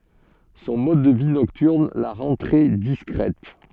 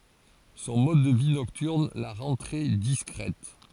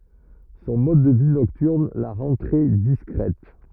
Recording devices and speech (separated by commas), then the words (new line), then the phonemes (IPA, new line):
soft in-ear microphone, forehead accelerometer, rigid in-ear microphone, read sentence
Son mode de vie nocturne la rend très discrète.
sɔ̃ mɔd də vi nɔktyʁn la ʁɑ̃ tʁɛ diskʁɛt